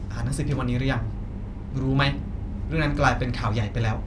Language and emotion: Thai, angry